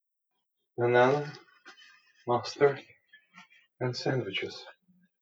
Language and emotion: English, fearful